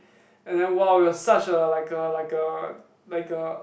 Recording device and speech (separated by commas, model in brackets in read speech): boundary microphone, conversation in the same room